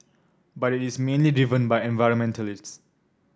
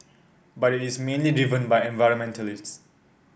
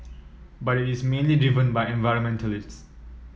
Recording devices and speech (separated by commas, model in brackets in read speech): standing microphone (AKG C214), boundary microphone (BM630), mobile phone (iPhone 7), read sentence